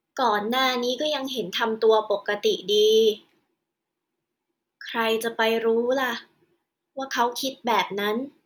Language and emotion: Thai, frustrated